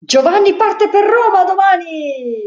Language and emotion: Italian, happy